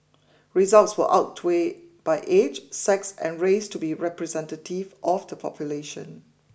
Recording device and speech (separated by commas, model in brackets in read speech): boundary microphone (BM630), read sentence